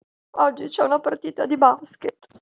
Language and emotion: Italian, sad